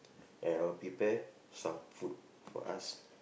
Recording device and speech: boundary microphone, conversation in the same room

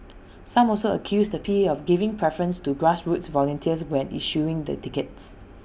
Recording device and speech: boundary microphone (BM630), read sentence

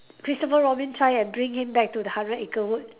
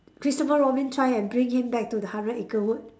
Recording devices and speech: telephone, standing microphone, conversation in separate rooms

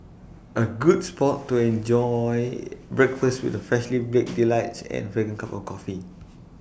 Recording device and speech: boundary microphone (BM630), read sentence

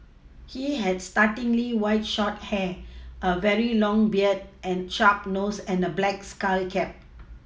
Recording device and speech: mobile phone (iPhone 6), read sentence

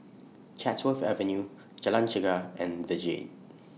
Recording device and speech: mobile phone (iPhone 6), read sentence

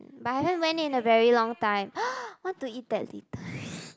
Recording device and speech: close-talking microphone, conversation in the same room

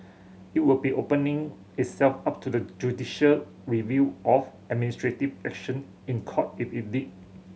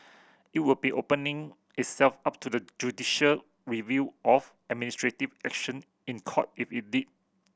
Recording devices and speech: mobile phone (Samsung C7100), boundary microphone (BM630), read sentence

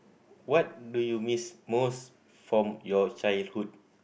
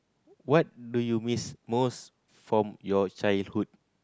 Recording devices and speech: boundary microphone, close-talking microphone, conversation in the same room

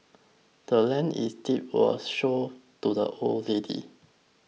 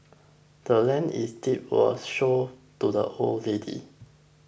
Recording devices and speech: mobile phone (iPhone 6), boundary microphone (BM630), read sentence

